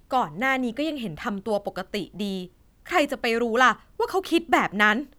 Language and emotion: Thai, frustrated